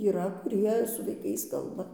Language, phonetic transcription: Lithuanian, yˈra kuˈrie su vaiˈkais ˈkalba

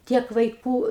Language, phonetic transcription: Lithuanian, ˈtiek vaiˈkų

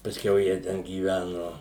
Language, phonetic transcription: Lithuanian, pasˈkiau jie ˈten gyˈvænu

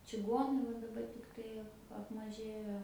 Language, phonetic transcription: Lithuanian, čiˈguonai va daˈbar tikˈtai ap apmaˈžėjo

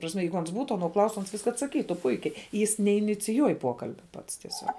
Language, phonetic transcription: Lithuanian, ta prasˈme ˈjeigu ˈans ˈbūtu aˈno ˈklaustu ˈans atsaˈkytu ˈpuikiai jis neiniciˈjuoj ˈpuokalbia ˈpats tieˈsiuog

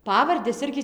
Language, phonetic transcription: Lithuanian, ˈpavardes ˈirgi

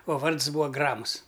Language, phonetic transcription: Lithuanian, o ˈvards ˈbūa ˈgramus

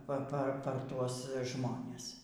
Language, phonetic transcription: Lithuanian, ˈpa ˈpa ˈpar ˈtuos ˈžmones

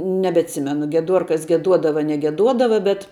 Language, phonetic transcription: Lithuanian, nebetˈsimenu gieˈduorkas gieˈduodava ar negeˈduodava bet

